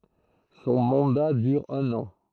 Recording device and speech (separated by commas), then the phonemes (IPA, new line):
throat microphone, read sentence
sɔ̃ mɑ̃da dyʁ œ̃n ɑ̃